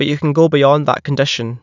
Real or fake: real